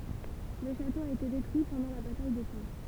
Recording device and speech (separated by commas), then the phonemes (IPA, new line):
temple vibration pickup, read sentence
lə ʃato a ete detʁyi pɑ̃dɑ̃ la bataj də kɑ̃